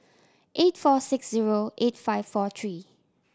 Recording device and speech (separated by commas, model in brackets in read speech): standing microphone (AKG C214), read sentence